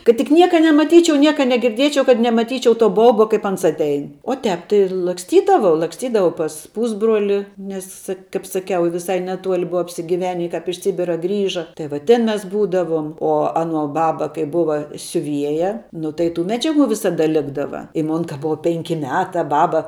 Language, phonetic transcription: Lithuanian, kad tik ˈnieka nemaˈtyčiau ˈnieka negirˈdiečiau kad nemaˈtyčiau to ˈbauba ˈkaip ˈans atˈein o ˈtēp tai laksˈtydavau laksˈtydavau pas ˈpūsbroli ˈnes kaip saˈkiau viˈsai neˈtuoli ˈbua apsigiˈveni kāp iš ˈsibira ˈgrįža tai va ˈtin ˈmes ˈbūdavuom o ˈaˌnuo ˈbaba kai ˈbuva siuˈvieja ˈnu tai tų ˈmedžiaˌgų ˈvisaˌda ˈlikdava i ˈmon ka ˈbuva ˈpenki ˈmeta ˈbaba

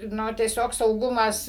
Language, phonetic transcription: Lithuanian, ˈnu tieˈsiog sauˈgumas

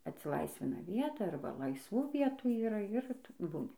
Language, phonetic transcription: Lithuanian, atsiˈlaisvina ˈvieta ˈarba laisˈvų ˈvietų yˈra ir ˈtu ˈbūni

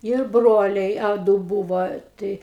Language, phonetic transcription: Lithuanian, ir ˈbroliai a ˈdu ˈbūvo ˈtai

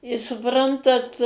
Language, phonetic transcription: Lithuanian, i suˈprantat

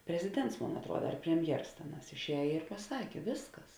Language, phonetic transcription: Lithuanian, preziˈdents ˈmon atruoda ar premˈjers ˈtėˌnās išˈēj i paˈsakė ˈvėsˌkas

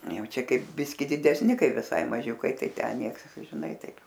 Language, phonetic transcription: Lithuanian, ˈjau ˈčia ˈkaip ˈbiski didesˈni ˈkai viˈsai maˈžiukai ˈtai ˈten ˈnieks žiˈnai ˈtaip

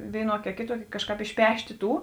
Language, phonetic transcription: Lithuanian, ˈvėiˌnuoki a ˈkėˌtuoki ˈkažˌkāp išˈpeštė ˈtų

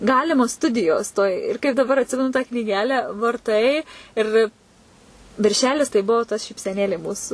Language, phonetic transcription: Lithuanian, ˈgalimos ˈstudijos toj ir kaip daˈbar atˈsimenu tą knyˈgelę varˈtai ir vi virˈšelis tai ˈbuvo tas šypseˈnėlė ˈmūsu

